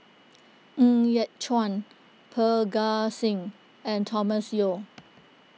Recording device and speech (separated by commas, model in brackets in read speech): mobile phone (iPhone 6), read sentence